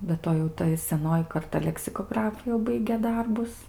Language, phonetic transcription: Lithuanian, be ˈto jau ˈta i seˈnoji karˈta leksikoˈgrafu jau ˈbaigė ˈdarbus

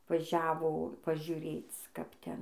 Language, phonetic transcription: Lithuanian, vaˈžiavo pažiuˈrėc kap ˈten

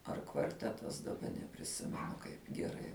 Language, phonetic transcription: Lithuanian, ar kvarˈtetas daˈba nepriˈsimenu kaip geˈrai

